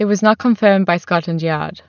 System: none